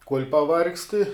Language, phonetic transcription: Lithuanian, kuol' paˈvargsti

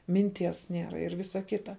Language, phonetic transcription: Lithuanian, minˈties ˈniera ir ˈvisa ˈkita

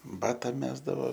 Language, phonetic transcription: Lithuanian, ˈbata ˈmesdavo

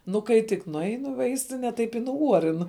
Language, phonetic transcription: Lithuanian, nu ˈkai tik nuˈainu i ˈvaistine ˈtaip i nuˈuorin

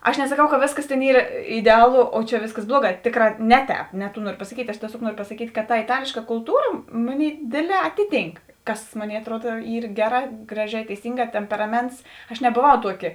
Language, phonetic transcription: Lithuanian, aš nesaˈkau ka ˈvėsˌkas tėn ˈyr ideˈalo o čia ˈvėsˌkas ˈbluoˌgā ˈtėˌkrā ˈne ˌtēp ne tų ˈnuorio pasaˈkyt' aš tieˈsiog ˈnuorio pasaˈkyt' kad ta iˈtalėška kulˈtūra ˈmoˌnėi ˈdėdˌlē ˈatiˌtynk ˈkas ˈmoˌnėi atˈruod ˈyr ˈgeˌrā ˈgraˌžē teiˈsynˌgā ˈtemperaˌments aš neboˈvau ˈtuoˌki

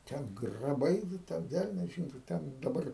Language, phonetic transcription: Lithuanian, ˈten graˈbai vi ˈten ˈvelnias ˈžino ˈten daˈbar

